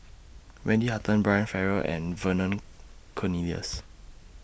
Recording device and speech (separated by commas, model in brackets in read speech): boundary microphone (BM630), read sentence